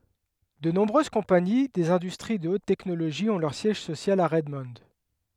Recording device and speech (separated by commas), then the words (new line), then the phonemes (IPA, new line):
headset microphone, read sentence
De nombreuses compagnies des industries de haute technologie ont leur siège social à Redmond.
də nɔ̃bʁøz kɔ̃pani dez ɛ̃dystʁi də ot tɛknoloʒi ɔ̃ lœʁ sjɛʒ sosjal a ʁɛdmɔ̃